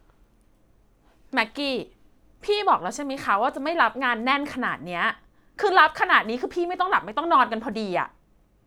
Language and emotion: Thai, angry